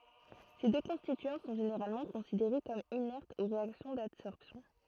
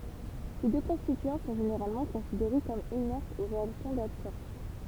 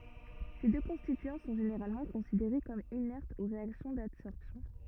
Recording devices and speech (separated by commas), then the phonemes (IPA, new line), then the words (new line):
throat microphone, temple vibration pickup, rigid in-ear microphone, read sentence
se dø kɔ̃stityɑ̃ sɔ̃ ʒeneʁalmɑ̃ kɔ̃sideʁe kɔm inɛʁtz o ʁeaksjɔ̃ dadsɔʁpsjɔ̃
Ces deux constituants sont généralement considérés comme inertes aux réactions d'adsorption.